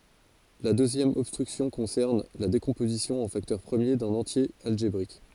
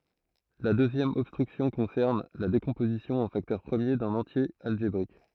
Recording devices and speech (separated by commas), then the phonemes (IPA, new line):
forehead accelerometer, throat microphone, read sentence
la døzjɛm ɔbstʁyksjɔ̃ kɔ̃sɛʁn la dekɔ̃pozisjɔ̃ ɑ̃ faktœʁ pʁəmje dœ̃n ɑ̃tje alʒebʁik